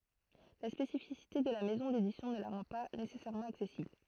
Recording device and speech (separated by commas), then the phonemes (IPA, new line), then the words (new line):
throat microphone, read sentence
la spesifisite də la mɛzɔ̃ dedisjɔ̃ nə la ʁɑ̃ pa nesɛsɛʁmɑ̃ aksɛsibl
La spécificité de la maison d'édition ne la rend pas nécessairement accessible.